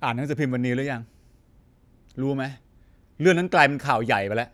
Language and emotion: Thai, frustrated